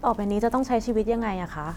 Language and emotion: Thai, neutral